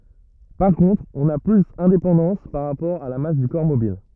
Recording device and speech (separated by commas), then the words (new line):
rigid in-ear microphone, read sentence
Par contre, on n'a plus indépendance par rapport à la masse du corps mobile.